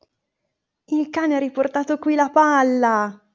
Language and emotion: Italian, happy